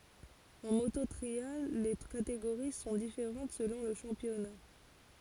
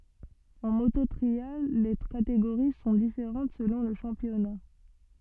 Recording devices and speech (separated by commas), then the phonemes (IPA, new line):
forehead accelerometer, soft in-ear microphone, read sentence
ɑ̃ moto tʁial le kateɡoʁi sɔ̃ difeʁɑ̃t səlɔ̃ lə ʃɑ̃pjɔna